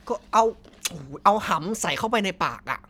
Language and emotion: Thai, frustrated